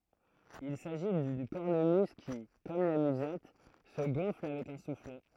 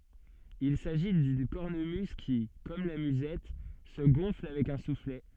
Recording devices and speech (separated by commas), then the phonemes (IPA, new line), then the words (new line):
throat microphone, soft in-ear microphone, read sentence
il saʒi dyn kɔʁnəmyz ki kɔm la myzɛt sə ɡɔ̃fl avɛk œ̃ suflɛ
Il s’agit d’une cornemuse qui, comme la musette, se gonfle avec un soufflet.